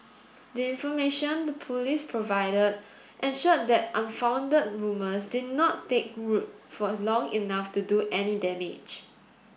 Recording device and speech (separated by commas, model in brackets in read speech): boundary microphone (BM630), read sentence